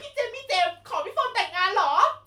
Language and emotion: Thai, happy